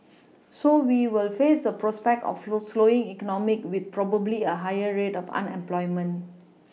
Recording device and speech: mobile phone (iPhone 6), read sentence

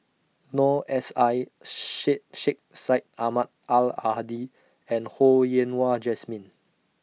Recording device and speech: mobile phone (iPhone 6), read sentence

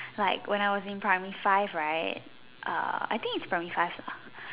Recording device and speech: telephone, conversation in separate rooms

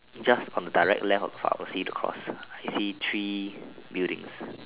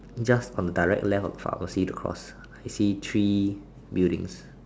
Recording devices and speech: telephone, standing microphone, conversation in separate rooms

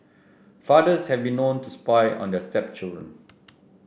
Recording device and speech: boundary microphone (BM630), read sentence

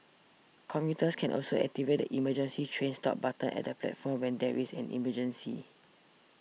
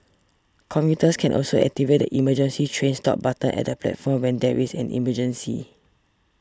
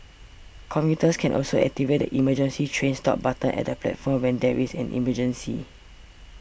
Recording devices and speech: mobile phone (iPhone 6), standing microphone (AKG C214), boundary microphone (BM630), read sentence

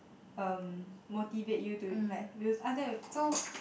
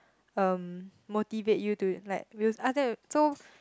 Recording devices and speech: boundary microphone, close-talking microphone, conversation in the same room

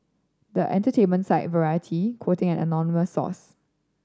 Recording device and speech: standing microphone (AKG C214), read sentence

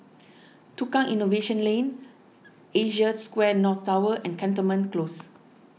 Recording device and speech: mobile phone (iPhone 6), read sentence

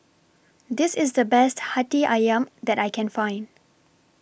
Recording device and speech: boundary microphone (BM630), read sentence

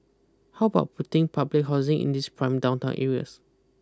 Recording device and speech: close-talking microphone (WH20), read sentence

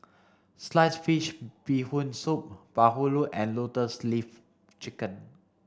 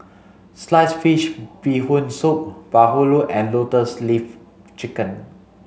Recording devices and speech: standing microphone (AKG C214), mobile phone (Samsung C5), read sentence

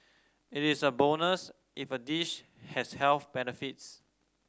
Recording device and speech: standing microphone (AKG C214), read sentence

